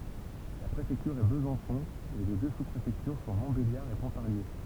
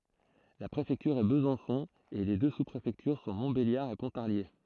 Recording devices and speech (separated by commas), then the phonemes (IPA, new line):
temple vibration pickup, throat microphone, read sentence
la pʁefɛktyʁ ɛ bəzɑ̃sɔ̃ e le dø su pʁefɛktyʁ sɔ̃ mɔ̃tbeljaʁ e pɔ̃taʁlje